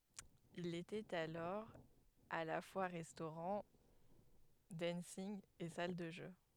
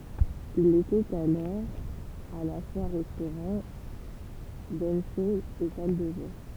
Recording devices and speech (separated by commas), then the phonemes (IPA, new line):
headset microphone, temple vibration pickup, read sentence
il etɛt alɔʁ a la fwa ʁɛstoʁɑ̃ dɑ̃nsinɡ e sal də ʒø